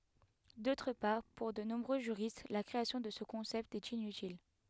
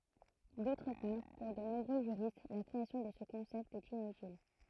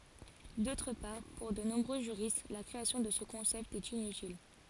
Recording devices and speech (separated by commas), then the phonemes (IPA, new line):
headset microphone, throat microphone, forehead accelerometer, read sentence
dotʁ paʁ puʁ də nɔ̃bʁø ʒyʁist la kʁeasjɔ̃ də sə kɔ̃sɛpt ɛt inytil